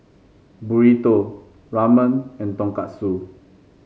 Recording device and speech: mobile phone (Samsung C5), read sentence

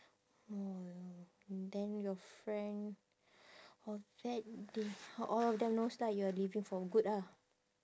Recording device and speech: standing microphone, conversation in separate rooms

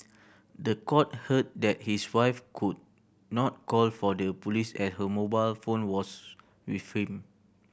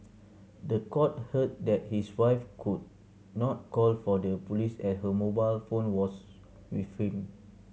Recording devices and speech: boundary microphone (BM630), mobile phone (Samsung C7100), read sentence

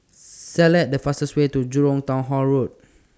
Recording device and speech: standing microphone (AKG C214), read sentence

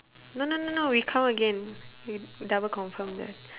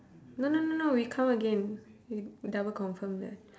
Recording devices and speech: telephone, standing microphone, conversation in separate rooms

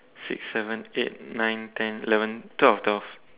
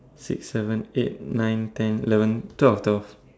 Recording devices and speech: telephone, standing microphone, conversation in separate rooms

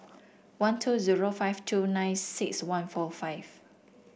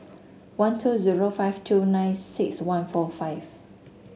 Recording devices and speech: boundary microphone (BM630), mobile phone (Samsung S8), read sentence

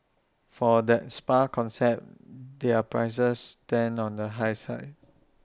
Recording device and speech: standing microphone (AKG C214), read sentence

